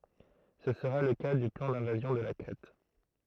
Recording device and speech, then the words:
throat microphone, read sentence
Ce sera le cas du plan d'invasion de la Crète.

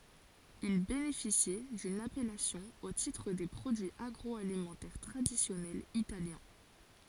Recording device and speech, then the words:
forehead accelerometer, read sentence
Il bénéficie d'une appellation au titre des produits agroalimentaires traditionnels italiens.

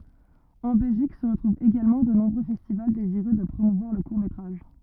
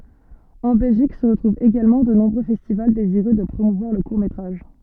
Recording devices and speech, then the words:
rigid in-ear microphone, soft in-ear microphone, read sentence
En Belgique, se retrouvent également de nombreux festivals désireux de promouvoir le court métrage.

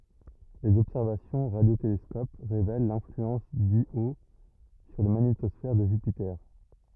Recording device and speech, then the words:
rigid in-ear microphone, read sentence
Les observations au radiotélescope révèlent l'influence d'Io sur la magnétosphère de Jupiter.

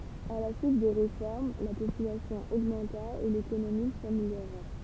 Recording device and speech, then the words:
temple vibration pickup, read sentence
À la suite de réformes, la population augmenta et l'économie s'améliora.

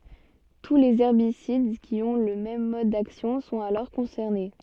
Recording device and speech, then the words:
soft in-ear microphone, read sentence
Tous les herbicides qui ont le même mode d’action sont alors concernés.

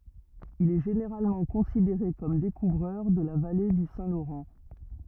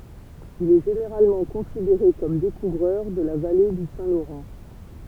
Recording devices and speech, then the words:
rigid in-ear microphone, temple vibration pickup, read sentence
Il est généralement considéré comme découvreur de la vallée du Saint-Laurent.

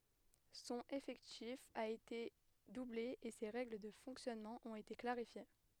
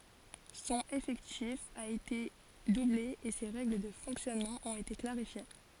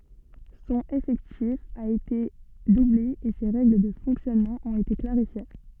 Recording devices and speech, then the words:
headset microphone, forehead accelerometer, soft in-ear microphone, read sentence
Son effectif a été doublé et ses règles de fonctionnement ont été clarifiées.

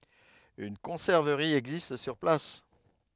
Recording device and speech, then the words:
headset microphone, read sentence
Une conserverie existe sur place.

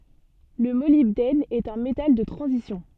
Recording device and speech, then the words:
soft in-ear microphone, read sentence
Le molybdène est un métal de transition.

